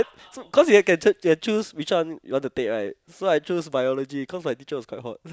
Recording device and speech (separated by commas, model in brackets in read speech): close-talking microphone, conversation in the same room